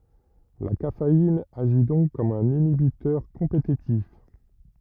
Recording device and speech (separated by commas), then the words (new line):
rigid in-ear microphone, read sentence
La caféine agit donc comme un inhibiteur compétitif.